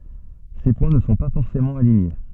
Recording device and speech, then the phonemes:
soft in-ear microphone, read sentence
se pwɛ̃ nə sɔ̃ pa fɔʁsemɑ̃ aliɲe

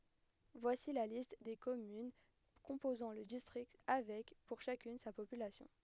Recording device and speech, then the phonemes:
headset microphone, read sentence
vwasi la list de kɔmyn kɔ̃pozɑ̃ lə distʁikt avɛk puʁ ʃakyn sa popylasjɔ̃

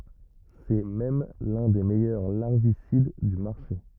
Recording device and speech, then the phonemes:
rigid in-ear microphone, read sentence
sɛ mɛm lœ̃ de mɛjœʁ laʁvisid dy maʁʃe

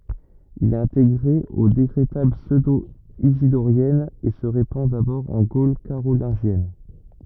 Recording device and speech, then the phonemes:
rigid in-ear microphone, read sentence
il ɛt ɛ̃teɡʁe o dekʁetal psødoizidoʁjɛnz e sə ʁepɑ̃ dabɔʁ ɑ̃ ɡol kaʁolɛ̃ʒjɛn

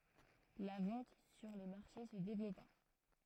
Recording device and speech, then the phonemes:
throat microphone, read sentence
la vɑ̃t syʁ le maʁʃe sə devlɔpa

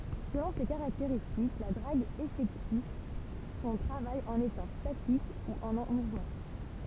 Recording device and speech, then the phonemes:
temple vibration pickup, read sentence
səlɔ̃ se kaʁakteʁistik la dʁaɡ efɛkty sɔ̃ tʁavaj ɑ̃n etɑ̃ statik u ɑ̃ muvmɑ̃

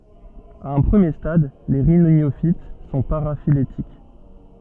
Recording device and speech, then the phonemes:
soft in-ear microphone, read sentence
a œ̃ pʁəmje stad le ʁinjofit sɔ̃ paʁafiletik

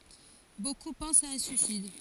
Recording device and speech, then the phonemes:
forehead accelerometer, read sentence
boku pɑ̃st a œ̃ syisid

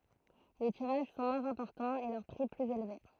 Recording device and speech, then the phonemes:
throat microphone, read sentence
le tiʁaʒ sɔ̃ mwɛ̃z ɛ̃pɔʁtɑ̃z e lœʁ pʁi plyz elve

